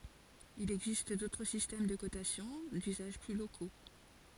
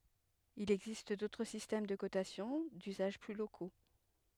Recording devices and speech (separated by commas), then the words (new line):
forehead accelerometer, headset microphone, read sentence
Il existe d'autres systèmes de cotation, d'usages plus locaux.